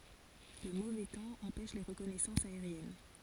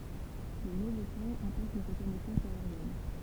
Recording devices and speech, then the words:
forehead accelerometer, temple vibration pickup, read sentence
Le mauvais temps empêche les reconnaissances aériennes.

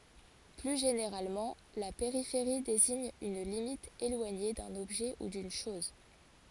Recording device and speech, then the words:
forehead accelerometer, read sentence
Plus généralement, la périphérie désigne une limite éloignée d'un objet ou d'une chose.

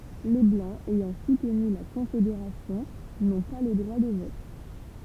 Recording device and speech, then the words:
temple vibration pickup, read sentence
Les Blancs ayant soutenu la Confédération n’ont pas le droit de vote.

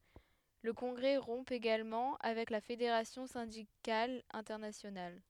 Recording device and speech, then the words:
headset microphone, read sentence
Le congrès rompt également avec la Fédération syndicale internationale.

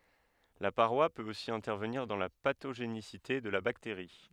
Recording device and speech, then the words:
headset microphone, read sentence
La paroi peut aussi intervenir dans la pathogénicité de la bactérie.

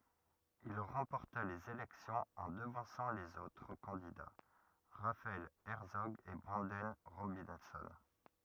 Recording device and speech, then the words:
rigid in-ear microphone, read sentence
Il remporta les élections en devançant les autres candidats, Raphael Hertzog et Branden Robinson.

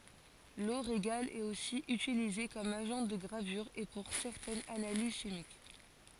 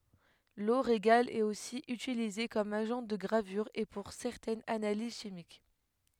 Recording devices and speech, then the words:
forehead accelerometer, headset microphone, read sentence
L'eau régale est aussi utilisée comme agent de gravure et pour certaines analyses chimiques.

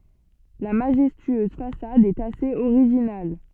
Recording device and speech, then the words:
soft in-ear microphone, read sentence
La majestueuse façade est assez originale.

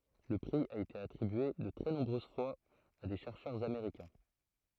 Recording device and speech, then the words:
throat microphone, read sentence
Le prix a été attribué de très nombreuses fois à des chercheurs américains.

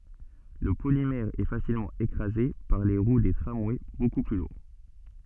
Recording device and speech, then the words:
soft in-ear microphone, read sentence
Le polymère est facilement écrasé par les roues des tramways beaucoup plus lourds.

